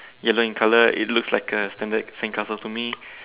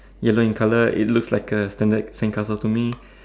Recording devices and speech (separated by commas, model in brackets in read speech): telephone, standing microphone, conversation in separate rooms